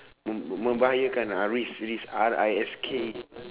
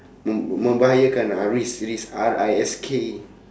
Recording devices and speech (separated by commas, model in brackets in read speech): telephone, standing microphone, conversation in separate rooms